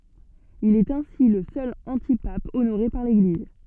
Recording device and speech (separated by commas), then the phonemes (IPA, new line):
soft in-ear microphone, read sentence
il ɛt ɛ̃si lə sœl ɑ̃tipap onoʁe paʁ leɡliz